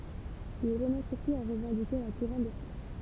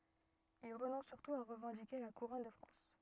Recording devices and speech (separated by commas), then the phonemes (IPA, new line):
temple vibration pickup, rigid in-ear microphone, read sentence
il ʁənɔ̃s syʁtu a ʁəvɑ̃dike la kuʁɔn də fʁɑ̃s